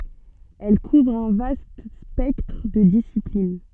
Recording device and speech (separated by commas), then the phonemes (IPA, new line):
soft in-ear microphone, read sentence
ɛl kuvʁ œ̃ vast spɛktʁ də disiplin